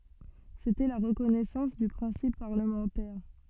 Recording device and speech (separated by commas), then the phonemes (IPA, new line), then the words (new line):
soft in-ear microphone, read sentence
setɛ la ʁəkɔnɛsɑ̃s dy pʁɛ̃sip paʁləmɑ̃tɛʁ
C'était la reconnaissance du principe parlementaire.